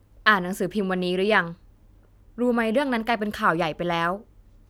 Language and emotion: Thai, neutral